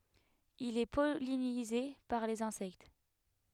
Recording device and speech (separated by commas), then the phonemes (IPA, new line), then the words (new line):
headset microphone, read sentence
il ɛ pɔlinize paʁ lez ɛ̃sɛkt
Il est pollinisé par les insectes.